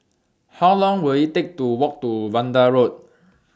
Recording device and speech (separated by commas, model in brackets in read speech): standing microphone (AKG C214), read sentence